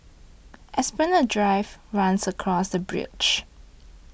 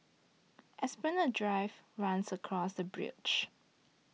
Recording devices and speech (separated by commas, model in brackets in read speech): boundary microphone (BM630), mobile phone (iPhone 6), read sentence